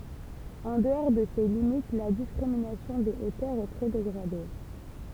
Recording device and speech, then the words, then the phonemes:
temple vibration pickup, read sentence
En dehors de ces limites, la discrimination des hauteurs est très dégradée.
ɑ̃ dəɔʁ də se limit la diskʁiminasjɔ̃ de otœʁz ɛ tʁɛ deɡʁade

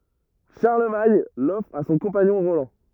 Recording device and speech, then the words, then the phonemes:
rigid in-ear microphone, read sentence
Charlemagne l'offre à son compagnon Roland.
ʃaʁləmaɲ lɔfʁ a sɔ̃ kɔ̃paɲɔ̃ ʁolɑ̃

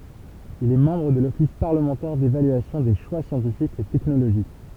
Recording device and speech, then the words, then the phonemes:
temple vibration pickup, read sentence
Il est membre de l'Office parlementaire d'évaluation des choix scientifiques et technologiques.
il ɛ mɑ̃bʁ də lɔfis paʁləmɑ̃tɛʁ devalyasjɔ̃ de ʃwa sjɑ̃tifikz e tɛknoloʒik

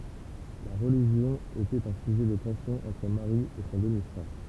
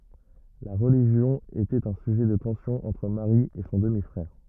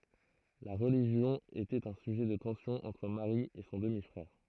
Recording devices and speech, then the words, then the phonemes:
temple vibration pickup, rigid in-ear microphone, throat microphone, read sentence
La religion était un sujet de tension entre Marie et son demi-frère.
la ʁəliʒjɔ̃ etɛt œ̃ syʒɛ də tɑ̃sjɔ̃ ɑ̃tʁ maʁi e sɔ̃ dəmi fʁɛʁ

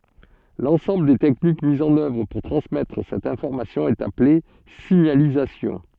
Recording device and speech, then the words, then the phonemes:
soft in-ear microphone, read sentence
L'ensemble des techniques mises en œuvre pour transmettre cette information est appelée signalisation.
lɑ̃sɑ̃bl de tɛknik mizz ɑ̃n œvʁ puʁ tʁɑ̃smɛtʁ sɛt ɛ̃fɔʁmasjɔ̃ ɛt aple siɲalizasjɔ̃

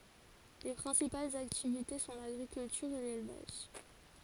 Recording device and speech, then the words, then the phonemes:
forehead accelerometer, read sentence
Les principales activités sont l'agriculture et l'élevage.
le pʁɛ̃sipalz aktivite sɔ̃ laɡʁikyltyʁ e lelvaʒ

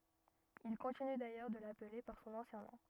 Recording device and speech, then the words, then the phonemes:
rigid in-ear microphone, read sentence
Il continue d'ailleurs de l'appeler par son ancien nom.
il kɔ̃tiny dajœʁ də laple paʁ sɔ̃n ɑ̃sjɛ̃ nɔ̃

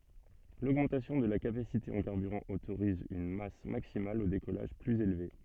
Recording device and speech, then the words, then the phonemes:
soft in-ear microphone, read sentence
L'augmentation de la capacité en carburant autorise une masse maximale au décollage plus élevée.
loɡmɑ̃tasjɔ̃ də la kapasite ɑ̃ kaʁbyʁɑ̃ otoʁiz yn mas maksimal o dekɔlaʒ plyz elve

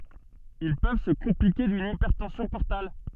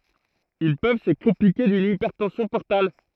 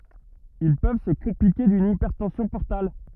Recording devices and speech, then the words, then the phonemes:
soft in-ear microphone, throat microphone, rigid in-ear microphone, read sentence
Ils peuvent se compliquer d'une hypertension portale.
il pøv sə kɔ̃plike dyn ipɛʁtɑ̃sjɔ̃ pɔʁtal

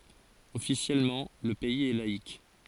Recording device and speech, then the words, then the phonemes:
forehead accelerometer, read sentence
Officiellement, le pays est laïque.
ɔfisjɛlmɑ̃ lə pɛiz ɛ laik

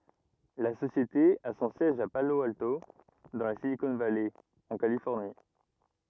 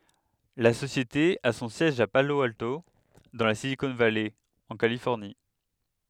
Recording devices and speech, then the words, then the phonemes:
rigid in-ear microphone, headset microphone, read sentence
La société a son siège à Palo Alto dans la Silicon Valley, en Californie.
la sosjete a sɔ̃ sjɛʒ a palo alto dɑ̃ la silikɔ̃ valɛ ɑ̃ kalifɔʁni

